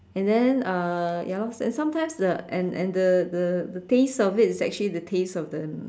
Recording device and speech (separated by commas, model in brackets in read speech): standing microphone, conversation in separate rooms